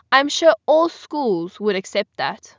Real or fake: real